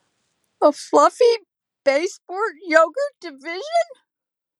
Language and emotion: English, sad